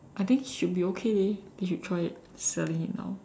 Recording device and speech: standing microphone, conversation in separate rooms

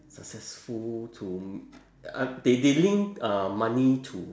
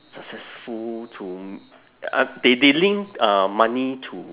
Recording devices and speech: standing microphone, telephone, conversation in separate rooms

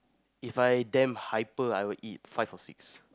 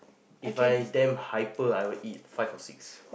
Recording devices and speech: close-talking microphone, boundary microphone, conversation in the same room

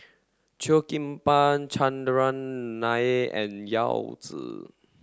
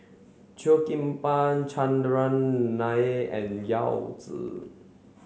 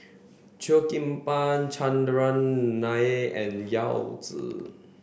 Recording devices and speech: standing microphone (AKG C214), mobile phone (Samsung C7), boundary microphone (BM630), read sentence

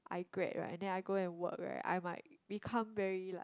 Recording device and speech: close-talking microphone, conversation in the same room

